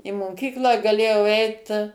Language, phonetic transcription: Lithuanian, i moˈkyklą gaˈlėjau ˈeit

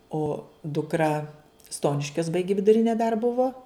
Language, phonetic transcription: Lithuanian, o dukˈra ˈstoniškios ˈbaigi viduˈrinė dar ˈbuvo

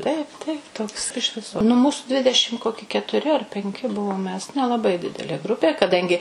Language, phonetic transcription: Lithuanian, ˈtaip ˈtaip toks iš ˈviso nu ˈmūsu ˈdvidešim ˈkoki ketuˈri ar penˈki ˈbuvom mes nelaˈbai ˈdidelė ˈgrupė kaˈdangi

